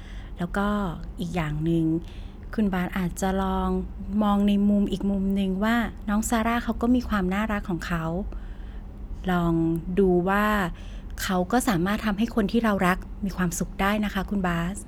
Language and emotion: Thai, neutral